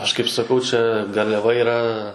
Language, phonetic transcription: Lithuanian, ˈaš kaip saˈkau ˈčia garliaˈva yˈra

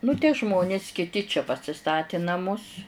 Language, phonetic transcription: Lithuanian, nu tie ˈžmonis kiˈti čia pasiˈstati naˈmus

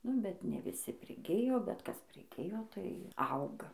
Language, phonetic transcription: Lithuanian, ˈnu bet ne viˈsi priˈgijo bet ˈkas priˈgijo tai ˈauga

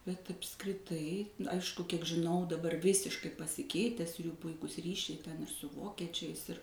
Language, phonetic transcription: Lithuanian, bet apskriˈtai ˈaišku kiek žiˈnau daˈbar ˈvisiškai pasiˈkeites jų ˈpuikus ˈryšiai ten ir su ˈvokiečiais ir

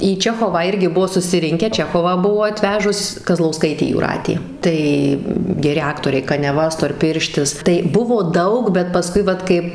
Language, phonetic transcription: Lithuanian, į ˈčechovą ˈirgi ˈbuvo susiˈrinkę ˈčechovą ˈbuvo aˈtvežus kazlauˈskaitė jūˈratė ˈtai geˈri ˈaktoriai kaniaˈva storˈpirštis tai ˈbuvo ˈdaug bet paˈskui ˈvat kaip

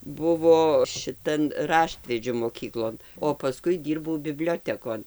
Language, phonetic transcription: Lithuanian, ˈbuvo šiˈtan ˈraštvedžiu moˈkyklon o paˈskui ˈdyrbau biˈbliotekon

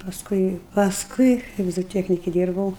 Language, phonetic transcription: Lithuanian, pasˈkui pasˈkui kaip zoˈtiekniki ˈdyrbau

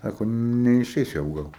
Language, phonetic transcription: Lithuanian, ˈsako neiˈšeis jau ˈgal

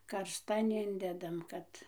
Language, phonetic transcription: Lithuanian, karsˈtan ˈindedam ˈkad

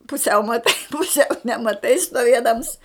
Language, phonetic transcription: Lithuanian, puˈsiau maˈtai puˈsiau nemaˈtai stuoˈviedams

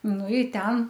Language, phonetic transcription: Lithuanian, ˈnu i ˈten

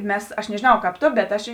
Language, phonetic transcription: Lithuanian, ˈmes aš nežėˈnau kāp ˈto bet ˈaš į

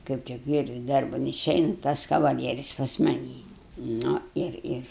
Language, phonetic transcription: Lithuanian, kaip tik ˈvyrs ˈdarban iˈšeina tas kavaˈlieris pas maˈnį ˈnu ˈir ˈir

